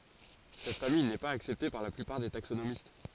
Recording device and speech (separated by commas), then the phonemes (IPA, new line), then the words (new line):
forehead accelerometer, read sentence
sɛt famij nɛ paz aksɛpte paʁ la plypaʁ de taksonomist
Cette famille n'est pas acceptée par la plupart des taxonomistes.